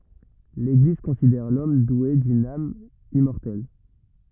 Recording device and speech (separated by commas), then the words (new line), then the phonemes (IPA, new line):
rigid in-ear microphone, read sentence
L'Église considère l'homme doué d'une âme immortelle.
leɡliz kɔ̃sidɛʁ lɔm dwe dyn am immɔʁtɛl